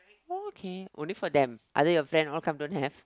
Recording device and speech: close-talking microphone, conversation in the same room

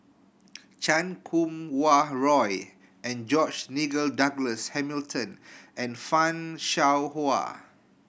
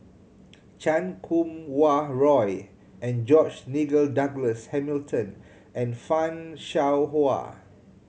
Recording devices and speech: boundary microphone (BM630), mobile phone (Samsung C7100), read sentence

